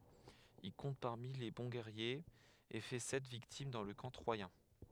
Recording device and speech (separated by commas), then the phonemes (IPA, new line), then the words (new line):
headset microphone, read sentence
il kɔ̃t paʁmi le bɔ̃ ɡɛʁjez e fɛ sɛt viktim dɑ̃ lə kɑ̃ tʁwajɛ̃
Il compte parmi les bons guerriers, et fait sept victimes dans le camp troyen.